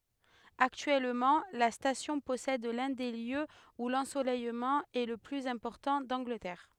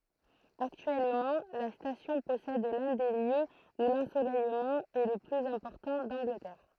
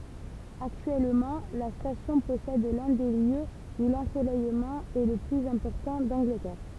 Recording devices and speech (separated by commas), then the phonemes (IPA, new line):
headset microphone, throat microphone, temple vibration pickup, read sentence
aktyɛlmɑ̃ la stasjɔ̃ pɔsɛd lœ̃ de ljøz u lɑ̃solɛjmɑ̃ ɛ lə plyz ɛ̃pɔʁtɑ̃ dɑ̃ɡlətɛʁ